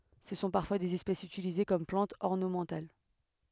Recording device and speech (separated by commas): headset microphone, read sentence